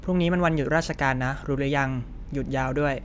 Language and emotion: Thai, neutral